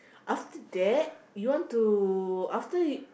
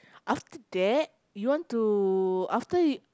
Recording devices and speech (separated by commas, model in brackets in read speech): boundary microphone, close-talking microphone, conversation in the same room